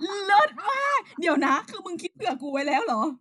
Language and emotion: Thai, happy